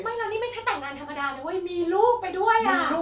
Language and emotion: Thai, happy